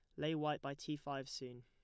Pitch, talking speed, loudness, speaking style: 140 Hz, 250 wpm, -43 LUFS, plain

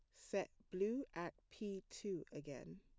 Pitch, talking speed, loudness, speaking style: 195 Hz, 140 wpm, -47 LUFS, plain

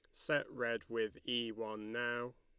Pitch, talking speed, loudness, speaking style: 115 Hz, 165 wpm, -39 LUFS, Lombard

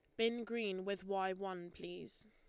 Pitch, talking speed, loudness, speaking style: 195 Hz, 175 wpm, -42 LUFS, Lombard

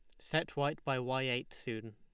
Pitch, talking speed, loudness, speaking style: 130 Hz, 205 wpm, -36 LUFS, Lombard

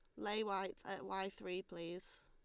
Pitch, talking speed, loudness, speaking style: 190 Hz, 175 wpm, -44 LUFS, Lombard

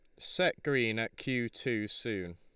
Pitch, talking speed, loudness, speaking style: 110 Hz, 165 wpm, -32 LUFS, Lombard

